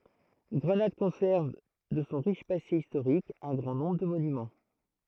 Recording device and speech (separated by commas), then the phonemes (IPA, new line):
throat microphone, read sentence
ɡʁənad kɔ̃sɛʁv də sɔ̃ ʁiʃ pase istoʁik œ̃ ɡʁɑ̃ nɔ̃bʁ də monymɑ̃